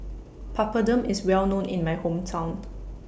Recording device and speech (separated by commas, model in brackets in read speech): boundary microphone (BM630), read sentence